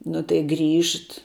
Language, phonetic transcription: Lithuanian, nu tai ˈgrįžt

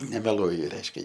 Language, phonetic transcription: Lithuanian, nemeˈluoju ˈreiškia

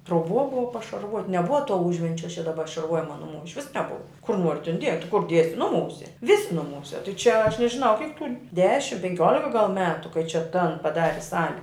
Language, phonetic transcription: Lithuanian, truoˈbuo ˈbuva pašarˈvot' neˈbuva tuo ˈužvenčia čia daˈba šarˈvuojima nuˈmų išˈvis neˈbuva kur ˈnuori ten ˈdiek ti kur ˈdiesi ˈnuˌmūse ˈvisi ˈnuˌmūse tai čia aš nežiˈnau ˈkik tų ˈdešim penˈkiolika gal ˈmetu kai čia ˈtan paˈdari ˈsali

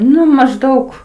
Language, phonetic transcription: Lithuanian, ˈnu mažˈdaug

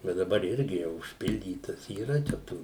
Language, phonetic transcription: Lithuanian, bet daˈbar ˈirgi jau užˈpildytas yˈra čia ˈtų

